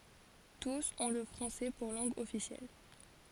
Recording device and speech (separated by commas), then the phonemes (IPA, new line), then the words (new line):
forehead accelerometer, read sentence
tus ɔ̃ lə fʁɑ̃sɛ puʁ lɑ̃ɡ ɔfisjɛl
Tous ont le français pour langue officielle.